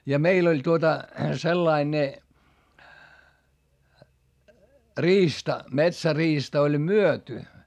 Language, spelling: Finnish, ja meillä oli tuota sellainen ne riista metsäriista oli myyty
- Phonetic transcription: ja meil ‿oĺ tuota , sellai ne , riista , metsäriista oĺ myöty .

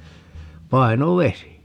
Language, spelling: Finnish, painovesi
- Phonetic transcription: 'paino"vesi .

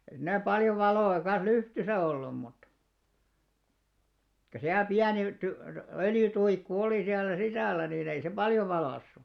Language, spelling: Finnish, ei siinä paljon valoa kanssa lyhdyssä ollut mutta kyllä siellä pieni - öljytuikku oli siellä sisällä niin ei se paljon valaissut
- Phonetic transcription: (ei) siinä 'paljo 'valò₍a kan̬s "lyhtysä ollum mut , kyl siäl "piäni ty- 'öljy'tuikku olì siällä 'sisä̀l̆lä niin ‿ei se "paljo 'valàssu .

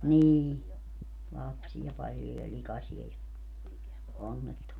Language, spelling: Finnish, niin lapsia paljon ja likaisia ja onnettomia
- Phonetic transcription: nii , "lapsiʲa 'paljo ja "likasie ja , 'onnettomia .

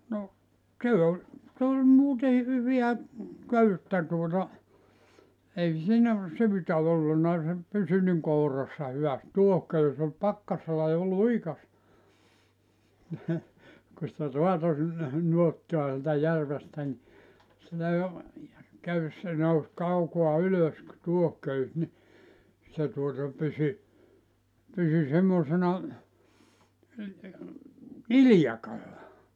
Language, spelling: Finnish, no se oli se oli muuten hyvää köyttä tuota ei siinä syytä ollut se pysyi niin kourassa hyvästi tuohiköysi oli pakkasella jo liukasta kun sitä raatoi sinne nuottaa sieltä järvestä niin sitä jo köysi se nousi kaukaa ylös tuohiköysi niin se tuota pysyi pysyi semmoisena iljakalla
- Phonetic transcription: no , 'se oĺ , s ‿oĺ 'muutei 'hyviä , "köyttä tuota , 'ei 'siinä , 'syytä olluna se , 'pysy niŋ 'kourassa 'hyväst "tuohköys ‿ol 'pakkasella jo "luikas , ku sⁱtä 'roato sinne , 'nuottoa sieltä 'järvestä ni , sitä jo , 'köys se 'nous 'kaukoa "ylös , 'tuohköys ni , se tuota 'pysy , 'pysy 'semmòsena , "ilⁱjakalla .

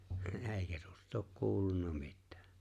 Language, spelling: Finnish, eikä tuosta ole kuulunut mitään
- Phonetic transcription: '’eeⁱkä tᴜᴏs't ‿ook "kuulunna 'mittᴀ̈ᴀ̈ .

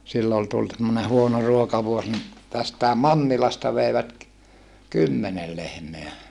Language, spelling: Finnish, silloin oli tullut semmoinen huono ruokavuosi niin tästäkin Mannilasta veivät kymmenen lehmää
- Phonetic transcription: sillo ol tult semmone huono ruokavuos ni , tästä̀em Mannilasta veivät , kymmenel lehmeä .

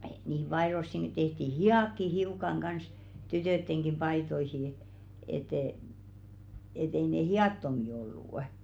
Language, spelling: Finnish, niihin paitoihinkin tehtiin hihatkin hiukan kanssa tyttöjenkin paitoihin että - että ei ne hihattomia ollut
- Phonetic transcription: nìhiᵐ 'paḙrossiŋki tehti "hi₍àkki hiukaŋ 'ɢans , tytö̀tteŋɢi 'paitoihi , et ‿e- , et ‿ei 'ne "hi₍àttomi ollù’ .

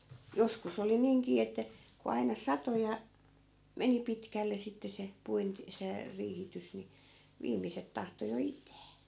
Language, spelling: Finnish, joskus oli niinkin että kun aina satoi ja meni pitkälle sitten se - se riihitys niin viimeiset tahtoi jo itää
- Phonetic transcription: 'joskus ‿oli 'niiŋkii että , ku 'aina "sato ja , 'meni 'pitkälle sitte 'se , 'puint- , 'se , 'riihitys ni , 'viimiset tahto jo "it̀ää .

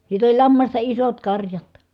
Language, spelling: Finnish, sitten oli lammasta isot karjat
- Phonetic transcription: sit ‿oĺ lammasta isot karjat .

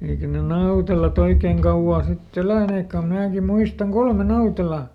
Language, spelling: Finnish, eikä ne Nautelat oikein kauaa sitten eläneetkään kun minäkin muistan kolme Nautelaa
- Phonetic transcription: eikä ne "Nautelaˈt ‿oikeeŋ ˈkauʷaa sit"t ‿elä̀neekkä ko ˈmnääki ˈmuistaŋ "kolme "Nautela .

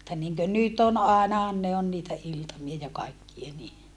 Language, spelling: Finnish, mutta niin kuin nyt on ainahan ne on niitä iltamia ja kaikkia niin
- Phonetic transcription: [mut]ta niŋkön nyt ‿on àenahan ne on niitä iltamia ja kaikkie ni .

